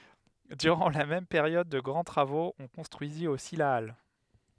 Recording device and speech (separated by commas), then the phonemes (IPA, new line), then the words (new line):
headset microphone, read sentence
dyʁɑ̃ la mɛm peʁjɔd də ɡʁɑ̃ tʁavoz ɔ̃ kɔ̃stʁyizit osi la al
Durant la même période de grands travaux, on construisit aussi la halle.